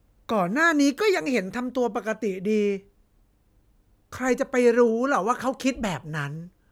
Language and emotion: Thai, frustrated